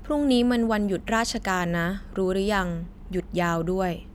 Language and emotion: Thai, neutral